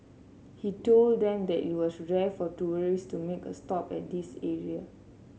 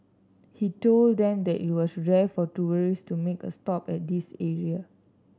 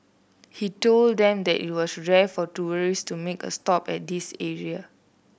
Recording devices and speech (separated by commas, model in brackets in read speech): mobile phone (Samsung C7), standing microphone (AKG C214), boundary microphone (BM630), read sentence